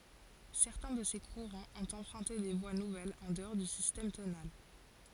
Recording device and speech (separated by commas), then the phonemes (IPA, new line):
forehead accelerometer, read sentence
sɛʁtɛ̃ də se kuʁɑ̃z ɔ̃t ɑ̃pʁœ̃te de vwa nuvɛlz ɑ̃ dəɔʁ dy sistɛm tonal